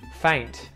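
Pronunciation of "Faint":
In 'faint', the t at the end is pronounced, not muted.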